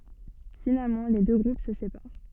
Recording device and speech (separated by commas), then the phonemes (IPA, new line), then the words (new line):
soft in-ear microphone, read sentence
finalmɑ̃ le dø ɡʁup sə sepaʁ
Finalement les deux groupes se séparent.